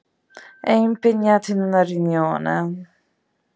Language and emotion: Italian, disgusted